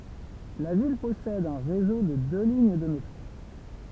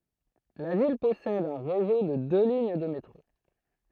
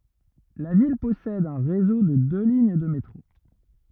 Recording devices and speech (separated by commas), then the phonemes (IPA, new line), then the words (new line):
temple vibration pickup, throat microphone, rigid in-ear microphone, read sentence
la vil pɔsɛd œ̃ ʁezo də dø liɲ də metʁo
La ville possède un réseau de deux lignes de métro.